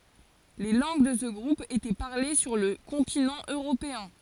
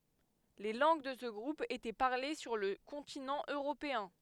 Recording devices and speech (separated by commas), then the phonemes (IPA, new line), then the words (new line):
forehead accelerometer, headset microphone, read sentence
le lɑ̃ɡ də sə ɡʁup etɛ paʁle syʁ lə kɔ̃tinɑ̃ øʁopeɛ̃
Les langues de ce groupe étaient parlées sur le continent européen.